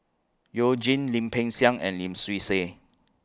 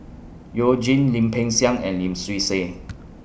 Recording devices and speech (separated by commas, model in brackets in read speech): close-talking microphone (WH20), boundary microphone (BM630), read sentence